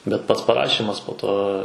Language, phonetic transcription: Lithuanian, bet ˈpats paˈrašymas po ˈto

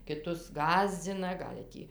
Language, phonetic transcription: Lithuanian, kiˈtus ˈgąsdzina ˈgal' tį

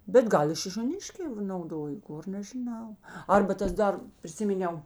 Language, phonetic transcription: Lithuanian, bet ˈgal i šišioˈniškē nauˈdojo ˈgor nežiˈnau ˈarba ˈtas ˈdar priˈsiminiau

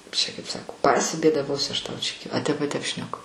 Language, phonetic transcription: Lithuanian, kaip čia kaip ˈsako pasibėdaˈvosiu ˈaš ˈtau čia a ˈtep a ˈtep šneˈku

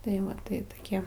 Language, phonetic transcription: Lithuanian, tai ˈva tai toˈkie

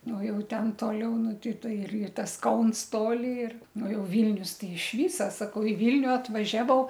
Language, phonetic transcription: Lithuanian, ˈnu ˈjau ˈten ˈtoliau ˈnu ˈtei ˈtoj ir ir ˈtas ˈkauns ˈtoli ir ˈnu ˈjau ˈvylnius tei iš ˈvysa saˈkau i ˈvylniu atvaˈžiavau

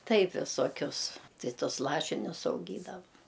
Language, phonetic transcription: Lithuanian, ˈtaip visoˈkius ˈtai ˈtus ˈlašinius auˈgydava

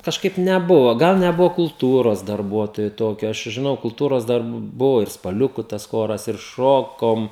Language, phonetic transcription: Lithuanian, kažˈkaip neˈbuvo ˈgal neˈbuvo kulˈtūros darˈbuotojo ˈtokio ˈaš čia žiˈnau kulˈtūros ˈdar ˈbuvo ir spaˈliuku tas ˈchoras ir ˈšokom

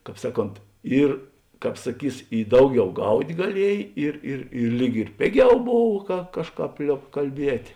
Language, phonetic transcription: Lithuanian, ˈkāp ˈsaˌkont ˈyr ˈkāp saˈkys i ˈdauˌgiau ˈgaut' gaˈliej ˈir ir ir ˈlyg ir ˈpėˌgiau ˈbov ka ˈkažˌkāp ˈliob kalˈbiet'

